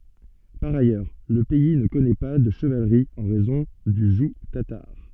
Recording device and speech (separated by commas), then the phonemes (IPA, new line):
soft in-ear microphone, read sentence
paʁ ajœʁ lə pɛi nə kɔnɛ pa də ʃəvalʁi ɑ̃ ʁɛzɔ̃ dy ʒuɡ tataʁ